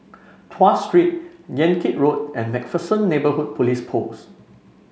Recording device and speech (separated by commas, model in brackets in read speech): mobile phone (Samsung C5), read sentence